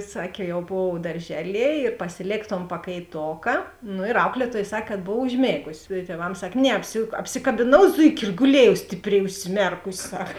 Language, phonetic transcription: Lithuanian, ˈsakė jau ˈbov darˈžeˌlie ir pasiˈlėk ton pakaiˈtoka no ir ˈauklieˌtuoj ˈsak kad ˈbov užˈmėgusi i tieˈvams ˈsak' ˈne ˈapsi apsikabiˈnau ˈzuiki ir guˈlėjau stipˈriai užsiˈmerkus' sak

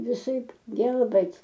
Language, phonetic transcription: Lithuanian, viˈsaip ˈgelbɘt'

